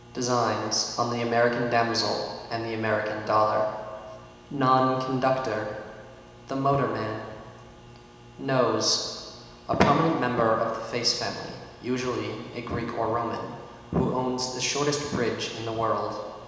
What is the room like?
A very reverberant large room.